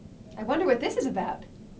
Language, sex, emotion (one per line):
English
female
happy